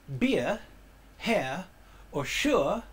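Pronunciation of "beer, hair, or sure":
'Beer', 'hair' and 'sure' are said in a way close to received pronunciation.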